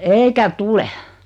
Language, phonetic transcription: Finnish, eikä "tule .
- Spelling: eikä tule

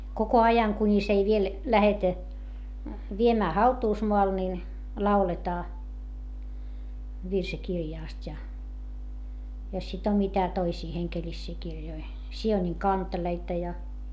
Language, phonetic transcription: Finnish, koko ajaŋ kuńis ei viel , lähetä , viemää hautuusmoal nin , lauletaa , virsikirjàst́ ja , jos sit ‿om mitä toisii heŋkelissii kirjoi , Si₍oniŋ kanteleita ja ,.
- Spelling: koko ajan kunis ei vielä lähdetä viemään hautuumaalle niin lauletaan virsikirjasta ja jos sitten on mitä toisia hengellisiä kirjoja Siionin kanteleita ja

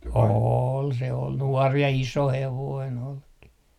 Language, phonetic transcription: Finnish, 'ool , se ol , 'nuɔr ja "iso 'hevoin olki .
- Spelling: oli se oli nuori ja iso hevonen olikin

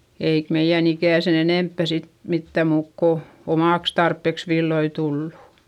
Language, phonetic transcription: Finnish, eik meiʲän ‿ikä̀ sen ‿enèmppä sit , mittä̀ muuk ko , omàks tarppeks villoi tullu .
- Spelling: eikä meidän ikään sen enempää sitten mitään muuta kuin omaksi tarpeeksi villoja tullut

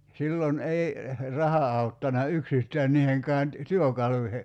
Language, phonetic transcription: Finnish, 'sillon 'ei , "raha auttana "yksistään 'niiheŋkään ty- "työkaluihe .
- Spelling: silloin ei raha auttanut yksistään niihinkään - työkaluihin

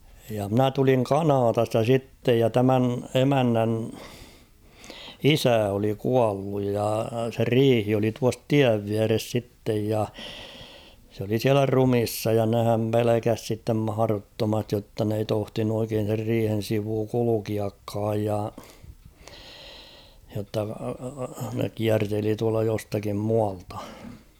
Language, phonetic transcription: Finnish, ja 'mnä tuliŋ "Kanatasta 'sittej ja 'tämän 'emännän , ''isä oli 'kualluj ja se ''riihi oli tuas ''tiäv viäres 'sittej ja , s ‿oli 'siälä "rumissa ja nehäm "pelekäs sittem 'mahaᵃrottomastij jotta n ‿ei 'tohtinu oikeen̬ ser 'riihen̬ sivuu 'kulukiakkaaj ja , jotta ne 'kiärteli tualta jostakim 'mualtᴀ .
- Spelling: ja minä tulin Kanadasta sitten ja tämän emännän isä oli kuollut ja se riihi oli tuossa tien vieressä sitten ja se oli siellä ruumiina ja nehän pelkäsi sitten mahdottomasti jotta ne ei tohtinut oikein sen riihen sivu kulkeakaan ja jotta ne kierteli tuolta jostakin muualta

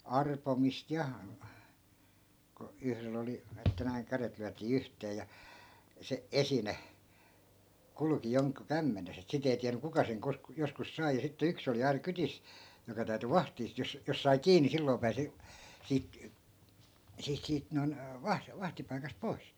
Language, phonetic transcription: Finnish, 'arpomist ja , ko 'yhrel ‿oli , että näiŋ 'käret lyätii "yhtee ja , 'se "esine , 'kulᵘki 'joŋku "kämmenes ‿et sit ‿ei 'tiäny 'kuka seŋ kos- , 'joskus sai ja sitte 'yks ‿oli 'aina 'kytis , 'joka täy̬ty "vahtii (sit) jos , 'jos sai "kii ni 'silloi̮ 'pääsi , 'siit , 'siit siit 'noi̮n , 'vah- , 'vahtipaikast "poi̮s .
- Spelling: arpomista ja kun yhdellä oli että näin kädet lyötiin yhteen ja se esine kulki jonkun kämmenessä että sitten ei tiennyt kuka sen - joskus sai ja sitten yksi oli aina kyydissä joka täytyi vahtia sitten jos jos sai kiinni niin silloin pääsi siitä siitä siitä noin - vahtipaikasta pois

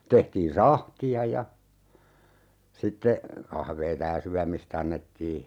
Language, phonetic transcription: Finnish, 'tehtiin "sahti₍a ja , 'sitte , 'kahveeta ja "syämis't ‿annettii .
- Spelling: tehtiin sahtia ja sitten kahvia ja syömistä annettiin

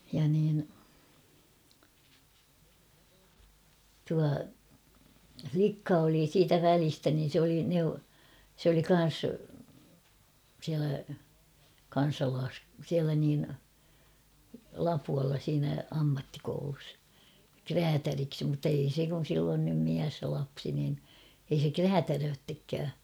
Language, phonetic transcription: Finnish, ja niin , tua , 'flikka oli 'siitä "välistä niin̬ sᵉ ‿oli neu-- , sᵉ ‿oli 'kan̬s , siälä , 'kan̬salaas- siälä niin , "Lapualla siinä 'ammattikoulus , "kräätäriksi muttei 'se kun̬ sill ‿on nym 'miäs ja 'lapsi nin , ei se "kräätärööttekkää .
- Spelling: ja niin tuo likka oli siitä välistä niin se oli - se oli kanssa siellä - siellä niin Lapualla siinä ammattikoulussa räätäliksi mutta ei se kun sillä on nyt mies ja lapsi niin ei se räätälöitsekään

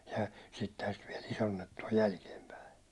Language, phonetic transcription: Finnish, ja 'sittehän sit viɛl 'isonnettu o 'jälkiempäi .
- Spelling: ja sittenhän sitä vielä isonnettu on jälkeenpäin

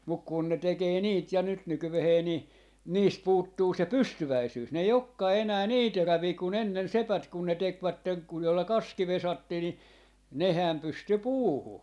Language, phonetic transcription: Finnish, muk kun ne 'tekee "niit ja 'nyt 'nykyvehee ‿ni , 'niist 'puuttuu se "pystyväisyys , n ‿ei 'okkaa 'enää "nii 'terävii ku'n ‿ennen "sepät kun ne 'tekvätteŋ ku joilla "kaski 'vesattii ni , 'nehä̀m 'pysty "puuhu .
- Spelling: mutta kun ne tekee niitä ja nyt nykyään niin niistä puuttuu se pystyväisyys ne ei olekaan enää niin teräviä kuin ennen sepät kun ne tekivät kun joilla kaski vesattiin niin nehän pystyi puuhun

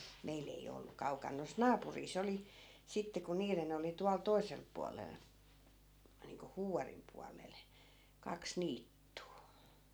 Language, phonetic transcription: Finnish, 'meil ‿ei o 'ollu 'kaukan nois "naapurii's ‿oli , 'sitte ku 'niiren ‿oli 'tual 'toi̮selp̆ pualel , niiŋko "Huuvarim 'pualel , 'kaks 'niittuu .
- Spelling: meillä ei ole ollut kaukana noissa naapureissa oli sitten kun niiden oli tuolla toisella puolella niin kuin Huuvarin puolella kaksi niittyä

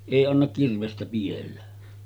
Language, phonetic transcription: Finnish, 'èi annak kirvestä piʲellä .
- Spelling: ei anna kirvestä pidellä

